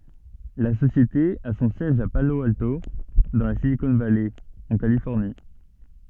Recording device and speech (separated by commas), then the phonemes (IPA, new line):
soft in-ear microphone, read sentence
la sosjete a sɔ̃ sjɛʒ a palo alto dɑ̃ la silikɔ̃ valɛ ɑ̃ kalifɔʁni